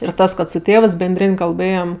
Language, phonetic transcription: Lithuanian, ir ˈtas kad su ˈtėvɜs benˈdrin' kalˈbɘjam

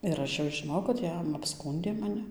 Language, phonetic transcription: Lithuanian, ir ˈaš jau žiˈnojau kad ˈjam apˈskūndė maˈni

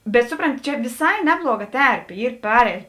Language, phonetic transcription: Lithuanian, bet ˈsupronˌti ˈčia viˈsai ˈnebluoˌga ˈterpė ˈyr ˈpareit

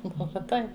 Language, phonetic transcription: Lithuanian, o ˈbuva ˈtai

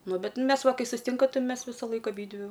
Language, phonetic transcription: Lithuanian, ˈnu ˈbet ˈmes ˈva ˈkai susiˈtinka ˈtai ˈmes ˈvisalaik aˈbydvi

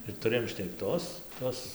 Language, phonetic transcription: Lithuanian, ir tuˈrɘjom šnekˈtos ˈtos

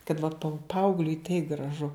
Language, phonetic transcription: Lithuanian, kad vat pau ˈpaaugliui tai graˈžu

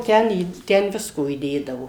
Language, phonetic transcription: Lithuanian, ˈten į ˈten ˈvisko įˈdėdavo

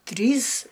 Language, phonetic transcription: Lithuanian, ˈtrys

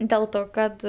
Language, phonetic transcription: Lithuanian, del ˈto ˈkad

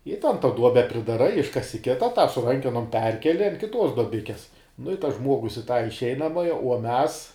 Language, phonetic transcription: Lithuanian, i tan ta ˈduobe pridaˈrai ˈiškasi ˈkita tą su ˈrankenom ˈperkeli an kiˈtos doˈbikes nu i tas ˈžmuogus i ta išˈeinamaja uo ˈmes

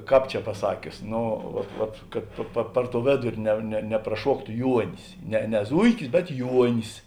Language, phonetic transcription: Lithuanian, ˈkāp čia paˈsakius ˈnu vat vat kad pa pa ˈpar ˌtou ˈvėduri ne ne nepraˈšuoktu ˈjuonis ne ne ˈzuikis bet ˈjuonis

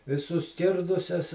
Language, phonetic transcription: Lithuanian, i suˈskirdusias

